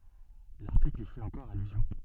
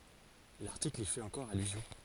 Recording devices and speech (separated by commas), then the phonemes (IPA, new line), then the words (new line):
soft in-ear microphone, forehead accelerometer, read sentence
laʁtikl i fɛt ɑ̃kɔʁ alyzjɔ̃
L'article y fait encore allusion.